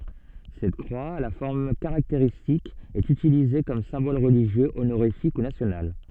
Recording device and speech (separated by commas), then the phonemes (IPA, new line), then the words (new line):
soft in-ear microphone, read sentence
sɛt kʁwa a la fɔʁm kaʁakteʁistik ɛt ytilize kɔm sɛ̃bɔl ʁəliʒjø onoʁifik u nasjonal
Cette croix, à la forme caractéristique, est utilisée comme symbole religieux, honorifique ou national.